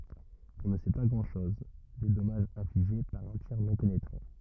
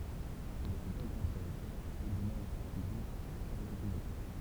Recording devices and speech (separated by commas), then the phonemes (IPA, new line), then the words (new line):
rigid in-ear microphone, temple vibration pickup, read sentence
ɔ̃ nə sɛ pa ɡʁɑ̃dʃɔz de dɔmaʒz ɛ̃fliʒe paʁ œ̃ tiʁ nɔ̃ penetʁɑ̃
On ne sait pas grand-chose des dommages infligés par un tir non pénétrant.